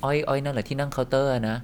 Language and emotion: Thai, neutral